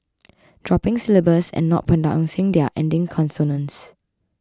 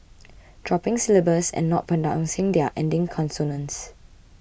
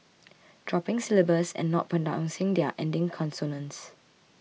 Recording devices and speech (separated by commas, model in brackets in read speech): close-talking microphone (WH20), boundary microphone (BM630), mobile phone (iPhone 6), read sentence